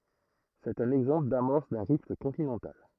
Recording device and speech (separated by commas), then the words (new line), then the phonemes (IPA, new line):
throat microphone, read sentence
C'est un exemple d'amorce d'un rift continental.
sɛt œ̃n ɛɡzɑ̃pl damɔʁs dœ̃ ʁift kɔ̃tinɑ̃tal